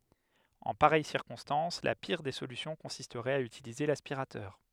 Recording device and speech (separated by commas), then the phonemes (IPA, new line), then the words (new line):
headset microphone, read sentence
ɑ̃ paʁɛj siʁkɔ̃stɑ̃s la piʁ de solysjɔ̃ kɔ̃sistʁɛt a ytilize laspiʁatœʁ
En pareille circonstance, la pire des solutions consisterait à utiliser l'aspirateur.